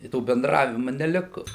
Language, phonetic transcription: Lithuanian, i ˈto benˈdravimu neˈliku

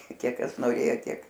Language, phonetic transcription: Lithuanian, ˈkiek ˈkas noˈrėjo ˈtiek

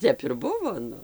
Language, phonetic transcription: Lithuanian, ˈtep ir ˈbuvo ˈnu

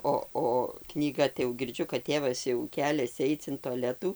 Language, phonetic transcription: Lithuanian, ˈo o knyˈga tai jau girˈdžiu kad ˈtėvas jau ˈkeliasi ˈaic in toˈletų

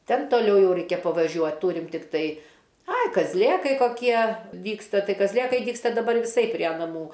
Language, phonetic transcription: Lithuanian, ˈten toˈliau ˈjau ˈreikia pavaˈžiuot ˈtūrim tikˈtai ˈai kazˈlėkai koˈkie ˈdygsta ˈtai kazˈlėkai ˈdygsta daˈbar viˈsai prie naˈmų

